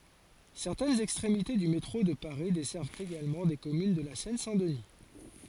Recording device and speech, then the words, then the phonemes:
forehead accelerometer, read sentence
Certaines extrémités du métro de Paris desservent également des communes de la Seine-Saint-Denis.
sɛʁtɛnz ɛkstʁemite dy metʁo də paʁi dɛsɛʁvt eɡalmɑ̃ de kɔmyn də la sɛn sɛ̃ dəni

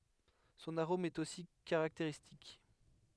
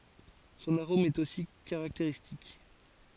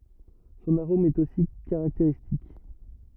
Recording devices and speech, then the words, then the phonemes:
headset microphone, forehead accelerometer, rigid in-ear microphone, read sentence
Son arôme est aussi caractéristique.
sɔ̃n aʁom ɛt osi kaʁakteʁistik

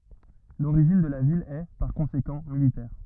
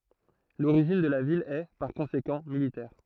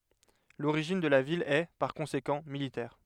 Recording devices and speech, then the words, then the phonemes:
rigid in-ear microphone, throat microphone, headset microphone, read sentence
L'origine de la ville est, par conséquent, militaire.
loʁiʒin də la vil ɛ paʁ kɔ̃sekɑ̃ militɛʁ

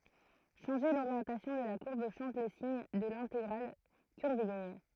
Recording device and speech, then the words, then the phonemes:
throat microphone, read sentence
Changer l'orientation de la courbe change le signe de l'intégrale curviligne.
ʃɑ̃ʒe loʁjɑ̃tasjɔ̃ də la kuʁb ʃɑ̃ʒ lə siɲ də lɛ̃teɡʁal kyʁviliɲ

